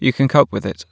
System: none